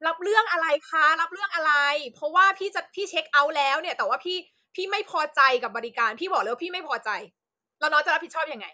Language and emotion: Thai, angry